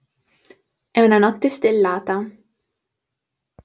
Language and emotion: Italian, neutral